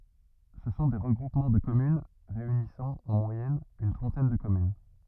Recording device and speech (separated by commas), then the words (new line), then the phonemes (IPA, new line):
rigid in-ear microphone, read sentence
Ce sont des regroupements de communes réunissant en moyenne une trentaine de communes.
sə sɔ̃ de ʁəɡʁupmɑ̃ də kɔmyn ʁeynisɑ̃ ɑ̃ mwajɛn yn tʁɑ̃tɛn də kɔmyn